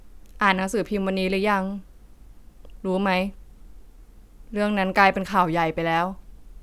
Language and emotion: Thai, frustrated